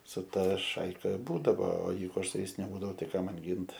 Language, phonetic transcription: Lithuanian, su ˈtaˈšaika ˈbūdavo o ˈjeigu ˈaš su ˈjais neˈbūdavu tai ˈką ˈman ˈgint

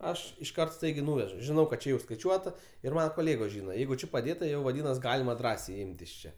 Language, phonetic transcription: Lithuanian, ˈaš išˈkart ˈstaigiai ˈnūvežu žiˈnau kad čia ˈjau skaiˈčiuota ir ˈmana koˈlėgos ˈžyna ˈjeigu ˈči paˈdėta ˈjau vaˈdynas ˈgalima ˈdrąsiai ˈimt iš ˈčia

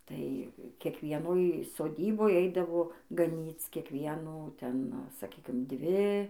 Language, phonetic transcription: Lithuanian, ˈtai kiekvieˈnoj soˈdyboj ˈeidavo gaˈnyc kiekˈvienų ˈten saˈkykim ˈdvi

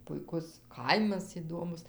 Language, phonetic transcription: Lithuanian, puiˈkus ˈkaimas iˈdomus

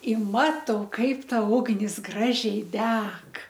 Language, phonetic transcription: Lithuanian, i ˈmatau ˈkaip ˈta ˈugnis ˈgražiai ˈdeg

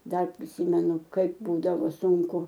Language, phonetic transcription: Lithuanian, ˈdar priˈsymenu ˈkaip ˈbūdavo sunˈku

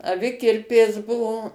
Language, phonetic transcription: Lithuanian, aˈvikirpės ˈbuvo

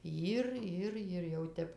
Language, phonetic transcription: Lithuanian, ˈjir ˈir ir jau ˈtep

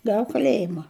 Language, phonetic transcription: Lithuanian, ˈgav kaˈlėjima

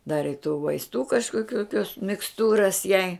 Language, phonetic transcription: Lithuanian, ˈdari i tų vaisˈtų kažkoˈkių kios miksˈtūras jai

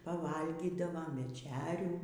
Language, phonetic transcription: Lithuanian, paˈvalgydavom veˈčerių

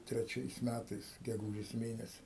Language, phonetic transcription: Lithuanian, treˈčiais ˈmætais geˈgūžės ˈmėnesi

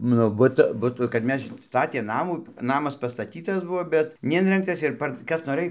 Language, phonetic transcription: Lithuanian, ˈnu ˈbut ˈbutu kad ˈmes ˈstatė ˈnamų ˈnamas pastaˈtytas ˈbuvo bet neˈinrengtas ir ˈpar ˈkas noˈrɘj

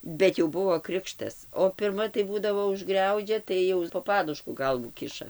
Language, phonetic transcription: Lithuanian, bet jau ˈbuvo ˈkrikštas o pirˈma tai ˈbūdavo užˈgriaudžia ˈtai jau po ˈpadušku ˈgalvų ˈkiša

